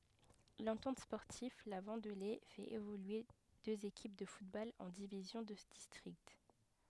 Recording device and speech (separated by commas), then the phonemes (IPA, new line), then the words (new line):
headset microphone, read sentence
lɑ̃tɑ̃t spɔʁtiv la vɑ̃dle fɛt evolye døz ekip də futbol ɑ̃ divizjɔ̃ də distʁikt
L'Entente sportive La Vendelée fait évoluer deux équipes de football en divisions de district.